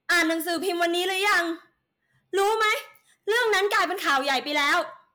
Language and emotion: Thai, angry